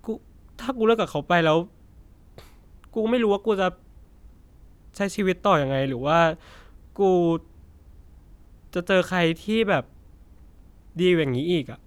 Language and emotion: Thai, sad